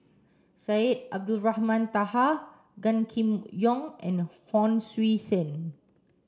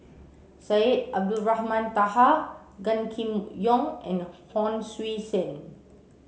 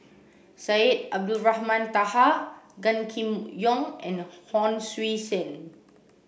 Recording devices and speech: standing microphone (AKG C214), mobile phone (Samsung C7), boundary microphone (BM630), read sentence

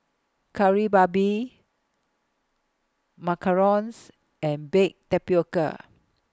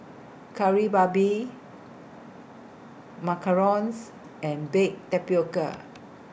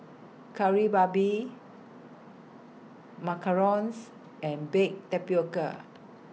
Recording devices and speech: close-talking microphone (WH20), boundary microphone (BM630), mobile phone (iPhone 6), read sentence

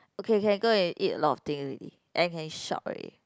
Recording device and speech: close-talking microphone, conversation in the same room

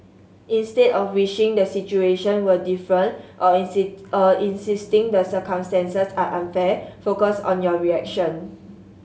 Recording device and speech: mobile phone (Samsung S8), read sentence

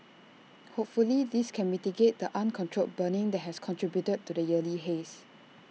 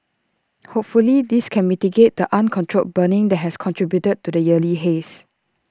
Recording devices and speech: mobile phone (iPhone 6), standing microphone (AKG C214), read sentence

